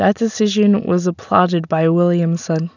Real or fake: real